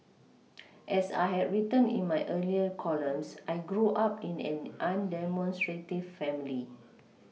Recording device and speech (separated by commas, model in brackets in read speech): mobile phone (iPhone 6), read sentence